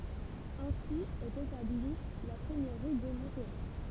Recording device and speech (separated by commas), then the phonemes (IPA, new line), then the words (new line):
temple vibration pickup, read sentence
ɛ̃si ɛt etabli la sɛɲøʁi də mɔ̃tʁo
Ainsi est établie la seigneurie de Montereau.